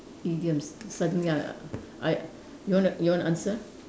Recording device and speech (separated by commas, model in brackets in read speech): standing microphone, conversation in separate rooms